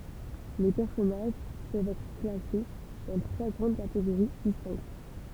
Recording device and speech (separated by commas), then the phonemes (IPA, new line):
temple vibration pickup, read sentence
le pɛʁsɔnaʒ pøvt ɛtʁ klase dɑ̃ tʁwa ɡʁɑ̃d kateɡoʁi distɛ̃kt